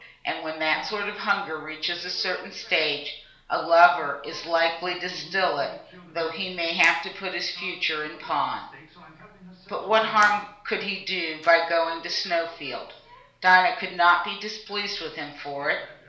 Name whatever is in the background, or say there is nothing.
A television.